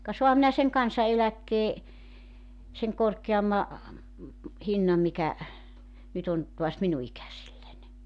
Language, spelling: Finnish, ka saanhan minä sen kansaneläkkeen sen korkeamman hinnan mikä nyt on taas minun ikäisilläni
- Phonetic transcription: ka 'soaham minä seŋ "kansa₍eläkkee , seŋ 'korkeamma , 'hinnam mikä , 'nyt ‿on , tuas 'minu 'ikäsilläń .

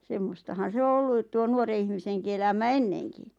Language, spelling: Finnish, semmoistahan se on ollut tuo nuoren ihmisenkin elämä ennenkin
- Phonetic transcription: 'semmostahan̬ "se o 'olluᵗ tuo 'nuore ihmiseŋki 'elämä "enneŋki .

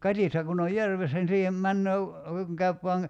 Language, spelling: Finnish, katiska kun on järvessä niin siihen menee kun käy vain
- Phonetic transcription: 'katihta kun ‿oj "järvessä ni 'siihem 'männöö , kuŋ 'käyp voaŋ ,.

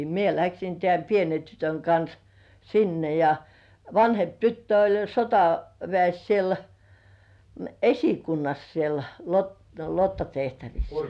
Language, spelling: Finnish, minä lähdin tämän pienen tytön kanssa sinne ja vanhempi tyttö oli sotaväessä siellä esikunnassa siellä lottatehtävissä
- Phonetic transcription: 'mie läksin tĕä̀m "pienen 'tytöŋ kans , "sinne ja , 'vanhemp tyttö oĺ 'sotavĕä̀s siel , "esikunnas siel , lot-'lottatehtävis .

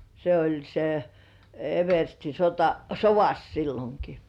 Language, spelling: Finnish, se oli se eversti sotasovassa silloinkin
- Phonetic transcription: se oĺ se , 'eversti sota-"sovas 'silloŋki .

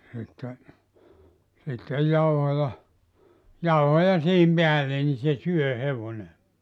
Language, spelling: Finnish, sitten sitten jauhoja jauhoja siihen päälle niin se syö hevonen
- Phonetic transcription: sitte , sittej 'jauhoja , 'jauhoja siihim 'peälle ni se 'syö 'hevone .

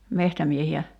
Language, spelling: Finnish, metsämiehiä
- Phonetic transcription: 'mehtämiehi₍ä ?

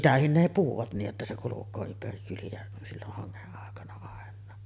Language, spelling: Finnish, sitäkin ne puhuvat niin jotta se kulkee ympäri kyliä silloin hangen aikana ainakin
- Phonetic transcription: "sitähin ne 'puhuvat nij jotta se kuluk̀oo 'ympäri kyli₍ä , silloh haŋŋeˀ ˀàekana àen̆naa .

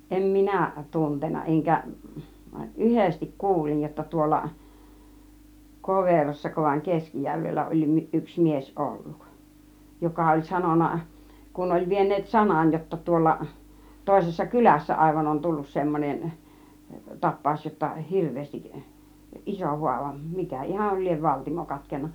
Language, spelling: Finnish, en minä tuntenut enkä yhdesti kuulin jotta tuolla Koverossako vai Keskijärvellä oli yksi mies ollut joka oli sanonut kun oli vieneet sanan jotta tuolla toisessa kylässä aivan on tullut semmoinen tapaus jotta hirveästi iso haava mikä ihan lie valtimo katkennut
- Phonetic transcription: 'ˀem "minä̀ˀ , 'tuntena 'eŋkä , "ˀyhestik "kuulij jotta 'tuolla , "Koverossako vaiŋ "Keskijärvellä oĺ 'yks 'mies "olluk , 'joka oĺ "sanona , 'kun oĺ 'vien̆neet "sanan jotta 'tuolla , 'tòisessa "kylässä 'àivan 'on "tullus 'semmonen , "tap̆pàus jotta "hirv̆veestik , "iso 'huava , 'mikä "ihal liev "valtimo 'katken̆na .

